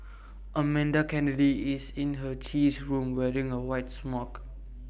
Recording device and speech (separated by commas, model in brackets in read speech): boundary microphone (BM630), read sentence